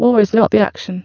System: VC, spectral filtering